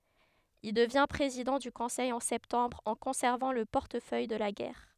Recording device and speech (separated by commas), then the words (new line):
headset microphone, read sentence
Il devient président du Conseil en septembre en conservant le portefeuille de la Guerre.